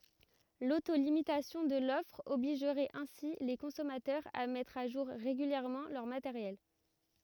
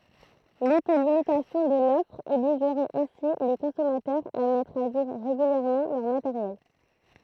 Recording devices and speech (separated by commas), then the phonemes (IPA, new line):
rigid in-ear microphone, throat microphone, read sentence
loto limitasjɔ̃ də lɔfʁ ɔbliʒʁɛt ɛ̃si le kɔ̃sɔmatœʁz a mɛtʁ a ʒuʁ ʁeɡyljɛʁmɑ̃ lœʁ mateʁjɛl